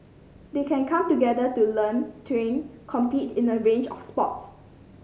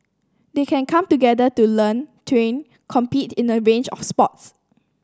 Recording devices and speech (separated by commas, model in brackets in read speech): mobile phone (Samsung C5010), standing microphone (AKG C214), read sentence